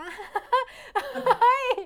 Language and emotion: Thai, happy